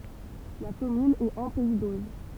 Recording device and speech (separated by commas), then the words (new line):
temple vibration pickup, read sentence
La commune est en pays d'Auge.